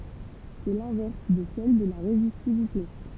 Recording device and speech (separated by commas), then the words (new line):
temple vibration pickup, read sentence
C'est l'inverse de celle de la résistivité.